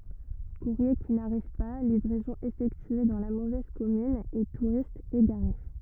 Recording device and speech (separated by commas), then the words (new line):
rigid in-ear microphone, read sentence
Courriers qui n'arrivent pas, livraisons effectuées dans la mauvaise commune et touristes égarés.